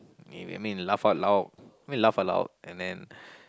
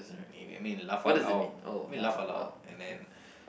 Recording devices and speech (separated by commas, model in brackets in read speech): close-talking microphone, boundary microphone, conversation in the same room